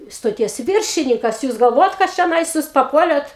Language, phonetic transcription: Lithuanian, stoˈties ˈviršinykas ˈjūs galˈvojat kad čioˈnais ˈjūs paˈpuolėt

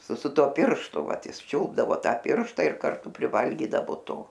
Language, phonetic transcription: Lithuanian, su su ˈtuo ˈpirštu ˈvat ˈjis ˈčiulpdavo ˈtą ˈpiršta ir karˈtu priˈvalgydavo ˈto

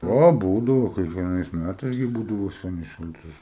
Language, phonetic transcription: Lithuanian, ˈo ˈbūdavo kiekvieˈnais ˈmætais gi ˈbūdavo ˈsænis ˈšaltis

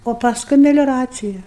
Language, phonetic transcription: Lithuanian, o pasˈkui melioˈracija

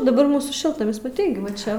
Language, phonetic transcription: Lithuanian, daˈbar ˈmūsų ˈšiltnamis maˈtei ˈgi va ˈčia

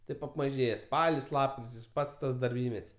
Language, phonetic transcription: Lithuanian, ˈtaip apmaˈžėje ˈspalis ˈlapkritis ˈpats ˈtas darˈbymet's'

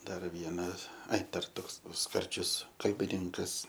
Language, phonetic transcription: Lithuanian, ˈdar ˈvienas ˈai ˈdar ˈtoks ˈskardžius kalbiˈninkas

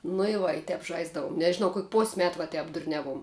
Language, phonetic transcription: Lithuanian, nu i ˈva i ˈtep ˈžaisdavum nežiˈnau kok' pos' ˈmet va ˈtep durˈniaˌvuom

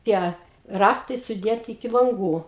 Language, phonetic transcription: Lithuanian, ˈtie ˈrąstai suˈdėti iki lanˈgų

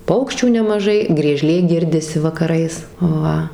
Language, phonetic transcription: Lithuanian, ˈpaukščių nemaˈžai grieˈžlė ˈgirdisi vakaˈrais ˈva

